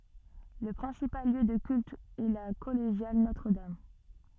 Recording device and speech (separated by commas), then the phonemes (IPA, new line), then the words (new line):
soft in-ear microphone, read sentence
lə pʁɛ̃sipal ljø də kylt ɛ la kɔleʒjal notʁədam
Le principal lieu de culte est la collégiale Notre-Dame.